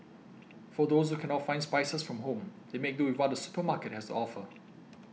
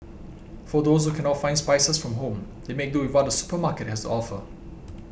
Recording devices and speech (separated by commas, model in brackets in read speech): mobile phone (iPhone 6), boundary microphone (BM630), read sentence